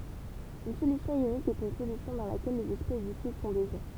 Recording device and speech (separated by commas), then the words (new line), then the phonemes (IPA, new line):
temple vibration pickup, read sentence
Une solution ionique est une solution dans laquelle les espèces dissoutes sont des ions.
yn solysjɔ̃ jonik ɛt yn solysjɔ̃ dɑ̃ lakɛl lez ɛspɛs disut sɔ̃ dez jɔ̃